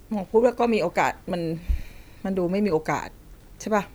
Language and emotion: Thai, sad